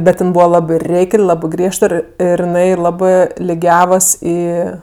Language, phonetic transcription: Lithuanian, ˈbet ˈjin ˈbūva ˈlabɜ ˈreik'l' ˈlabɜ ˈgriežt ˈir ˈir jiˈnai ˈlabɜ liˈgiavas ˈį

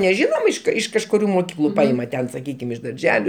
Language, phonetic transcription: Lithuanian, neˈžinom iš ˈkai iš kažkuˈrių moˈkyklu ˈpaima ˈten saˈkykim iš darˈželiu

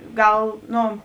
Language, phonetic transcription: Lithuanian, ˈgal ˈno

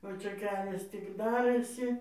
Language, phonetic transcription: Lithuanian, o ˈčia ˈkelias tik ˈdarɘsi

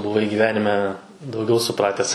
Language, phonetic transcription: Lithuanian, buˈvai gyˈvenime dauˈgiau suˈprates

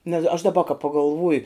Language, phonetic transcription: Lithuanian, nes aš daˈba ka pagalˈvuju

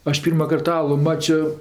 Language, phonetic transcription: Lithuanian, ˈaš ˈpyrmakart ˈalu ˈmačio

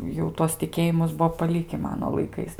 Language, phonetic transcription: Lithuanian, jau ˈtuos tiˈkėjimus ˈbuvo paˈliki ˈmano laiˈkais

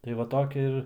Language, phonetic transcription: Lithuanian, tai ˈva ˈtokia ir

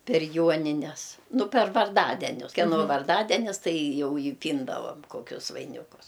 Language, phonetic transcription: Lithuanian, per ˈjuonines ˈnu per varˈdadenius keˈno varˈdadenis ˈtai ˈjau i ˈpyndavam ˈkokius vaiˈnikus

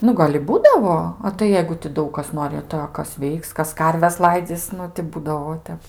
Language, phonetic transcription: Lithuanian, ˈnu gal' i ˈbūdavo a tai ˈjeigu ti ˈdaug kas ˈnori tai a ˈkas ˈveiks ˈkas ˈkarves ˈlaidzys ˈnu ti ˈbūdavo ˈtep

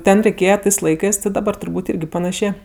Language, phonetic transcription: Lithuanian, ˈten reiˈkėja ˈtɜs ˈlaikɜs daˈbar turˈbūt' ˈirgi paˈnašė

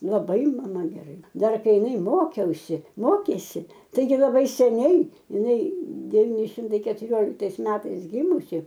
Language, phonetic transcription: Lithuanian, laˈbai maˈma geˈrai ˈdar ˈkai iˈnai ˈmokiausi ˈmokėsi ˈtaigi laˈbai seˈniai iˈnai deˈvyni ˈšimtai ketuˈrioliktais ˈmetais ˈgimusi

